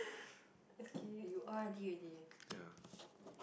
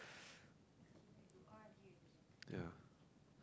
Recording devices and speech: boundary microphone, close-talking microphone, conversation in the same room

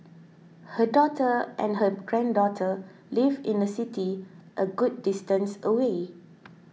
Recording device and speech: mobile phone (iPhone 6), read sentence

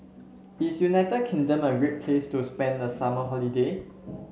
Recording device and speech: mobile phone (Samsung C7), read sentence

